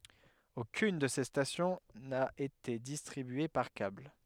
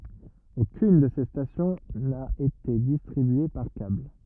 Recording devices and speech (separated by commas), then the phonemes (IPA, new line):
headset microphone, rigid in-ear microphone, read sentence
okyn də se stasjɔ̃ na ete distʁibye paʁ kabl